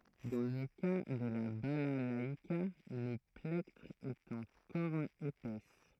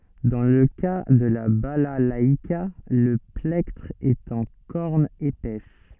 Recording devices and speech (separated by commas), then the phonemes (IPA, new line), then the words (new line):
throat microphone, soft in-ear microphone, read sentence
dɑ̃ lə ka də la balalaika lə plɛktʁ ɛt ɑ̃ kɔʁn epɛs
Dans le cas de la balalaïka, le plectre est en corne épaisse.